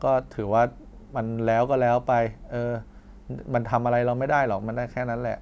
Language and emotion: Thai, frustrated